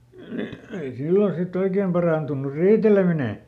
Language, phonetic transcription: Finnish, nii , ei "sillo ˈsiˈt ‿oikeem parà ntunnur "riitelemine .
- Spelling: niin ei silloin sitten oikein - parantunut riiteleminen

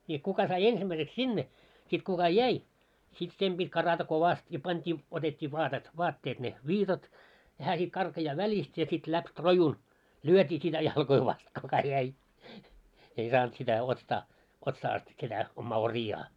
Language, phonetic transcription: Finnish, nii , kuka sai 'ensimmäiseks "sinne , sit kuka "jäi , sit 'sem ʙit́ 'karata 'kovast ja pant́ii , otet́t́ii vaatet , 'vaatteet ne "viitat , ja 'hää sit karkajaa 'väĺist ja sit läp "rojun , "lyötii sitä 'jalkoi vast kuka jäi , ei 'saant sitä ostaa , otsaa ast sitä , 'ommaa 'ori₍aa .
- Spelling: niin kuka sai ensimmäiseksi sinne sitten kuka jäi sitten sen piti karata kovasti ja pantiin otettiin vaatetta vaatteet ne viitat ja hän sitten karkaa välistä ja sitten läpi rojun lyötiin sitä jalkoja vasten kuka jäi ei saanut sitä ostaa otsaa asti sitä omaa oriaan

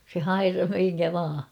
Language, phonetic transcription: Finnish, se "hairah 'miŋkä 'vaa .
- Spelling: se hairasi minkä vain

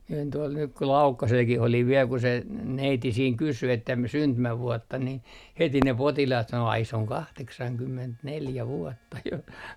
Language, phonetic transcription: Finnish, mie olin tuol nyk ku "Laukkaselkih ‿oliv viel ku se , 'neiti siiŋ 'kysy että m - 'syntymävuɔtta ni , 'heti ne 'potilaat sano » 'ai se oŋ "kahteksaŋkymmentneljä 'vuɔtta jo » .
- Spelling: minä olin tuolla nyt kun Laukkasellakin olin vielä kun se neiti siinä kysyi että - syntymävuotta niin heti ne potilaat sanoi ai se on kahdeksankymmentäneljä vuotta jo

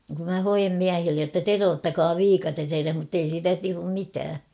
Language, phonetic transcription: Finnish, kum mä 'hojem "miähillej jotta » "teroottakaa "viikates ereh « muttei siitä 'tuum 'mitää .
- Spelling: kun minä hoen miehille jotta teroittakaa viikate edes mutta ei siitä tule mitään

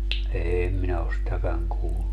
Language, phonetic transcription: Finnish, 'eem minä os 'sitäkäŋ 'kuullu .
- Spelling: en minä ole sitäkään kuullut

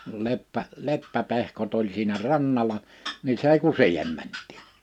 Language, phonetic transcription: Finnish, no 'leppä- , 'leppä'pehkot ‿oĺ siinä "rannala , ni 's ‿èi ku "siihem 'mänt̆tiiɴ .
- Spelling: no - leppäpehkot oli siinä rannalla niin se ei kuin siihen mentiin

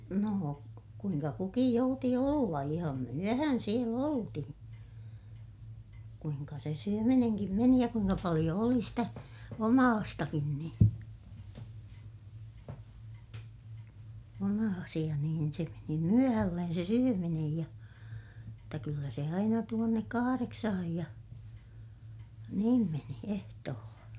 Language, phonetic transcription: Finnish, noo , kuiŋka kukij jouti olla - iham myöhän siel ‿oltihiḭ , kuiŋka se syömineŋkim meni ja kuiŋka paliʲo oli stä , omaastakin niḭ , omaasiʲa niin se meni myöhällen se syöminej ja , jotta kyllä se aina tuonnek kahareksahaj ja , niim meni ehtoolla .
- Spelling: no kuinka kukin jouti olla ihan myöhän siellä oltiin kuinka se syöminenkin meni ja kuinka paljon oli sitä omaistakin niin omaisia niin se meni myöhälle se syöminen ja jotta kyllä se aina tuonne kahdeksaan ja niin meni ehtoolla

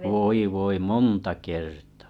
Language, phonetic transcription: Finnish, voi voi 'monta kertᴀ̀ .
- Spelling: voi voi monta kertaa

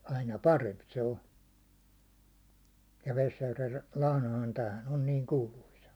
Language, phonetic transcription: Finnish, 'aina "paremp se 'o ja 'Vesjärvel , 'lahnahan 'täähän on 'niiŋ 'kuuluisa .
- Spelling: aina parempi se on ja Vesijärvellä lahnahan tämähän on niin kuuluisa

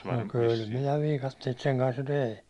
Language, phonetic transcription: Finnish, no 'kyl minä 'viikatteit seŋ kans jo "tei .
- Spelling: no kyllä minä viikatteita sen kanssa jo tein

